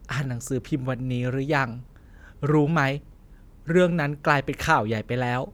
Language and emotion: Thai, sad